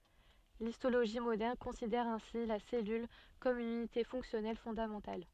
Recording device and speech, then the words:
soft in-ear microphone, read sentence
L'histologie moderne considère ainsi la cellule comme une unité fonctionnelle fondamentale.

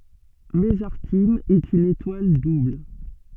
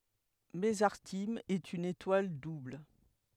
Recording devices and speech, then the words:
soft in-ear microphone, headset microphone, read sentence
Mesarthim est une étoile double.

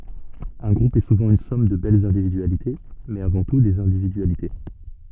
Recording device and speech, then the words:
soft in-ear microphone, read sentence
Un groupe est souvent une somme de belles individualités mais, avant tout, des individualités.

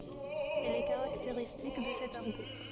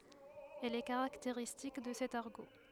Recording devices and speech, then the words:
soft in-ear microphone, headset microphone, read sentence
Elle est caractéristique de cet argot.

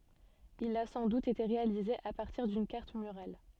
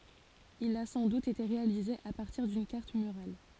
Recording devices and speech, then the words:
soft in-ear microphone, forehead accelerometer, read sentence
Il a sans doute été réalisé à partir d'une carte murale.

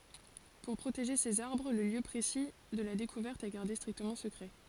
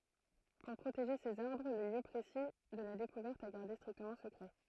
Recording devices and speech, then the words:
forehead accelerometer, throat microphone, read sentence
Pour protéger ces arbres, le lieu précis de la découverte est gardé strictement secret.

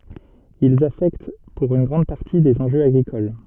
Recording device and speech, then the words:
soft in-ear microphone, read sentence
Ils affectent pour une grande partie des enjeux agricoles.

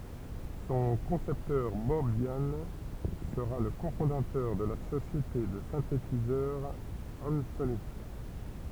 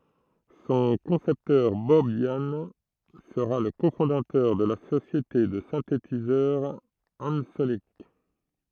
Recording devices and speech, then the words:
temple vibration pickup, throat microphone, read sentence
Son concepteur, Bob Yannes, sera le cofondateur de la société de synthétiseur Ensoniq.

